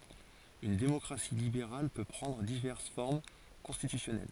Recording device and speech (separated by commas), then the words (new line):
forehead accelerometer, read sentence
Une démocratie libérale peut prendre diverses formes constitutionnelles.